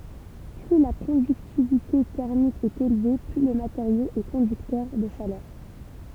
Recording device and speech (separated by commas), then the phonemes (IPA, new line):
temple vibration pickup, read sentence
ply la kɔ̃dyktivite tɛʁmik ɛt elve ply lə mateʁjo ɛ kɔ̃dyktœʁ də ʃalœʁ